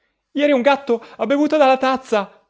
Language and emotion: Italian, fearful